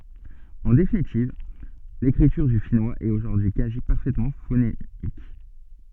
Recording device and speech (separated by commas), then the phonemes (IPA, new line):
soft in-ear microphone, read sentence
ɑ̃ definitiv lekʁityʁ dy finwaz ɛt oʒuʁdyi y kazi paʁfɛtmɑ̃ fonemik